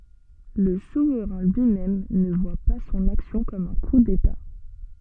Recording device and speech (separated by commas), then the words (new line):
soft in-ear microphone, read sentence
Le souverain lui-même ne voit pas son action comme un coup d'État.